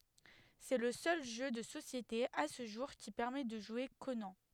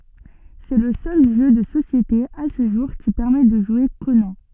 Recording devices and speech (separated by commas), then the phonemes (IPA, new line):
headset microphone, soft in-ear microphone, read sentence
sɛ lə sœl ʒø də sosjete a sə ʒuʁ ki pɛʁmɛ də ʒwe konɑ̃